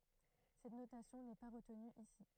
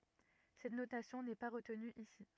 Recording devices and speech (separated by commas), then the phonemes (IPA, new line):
throat microphone, rigid in-ear microphone, read sentence
sɛt notasjɔ̃ nɛ pa ʁətny isi